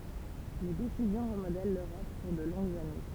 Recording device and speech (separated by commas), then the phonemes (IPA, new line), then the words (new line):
temple vibration pickup, read sentence
le desizjɔ̃ ʁəmodɛl løʁɔp puʁ də lɔ̃ɡz ane
Les décisions remodèlent l'Europe pour de longues années.